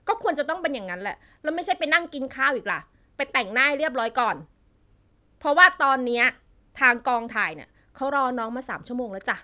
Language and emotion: Thai, angry